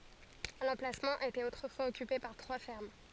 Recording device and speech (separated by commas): forehead accelerometer, read sentence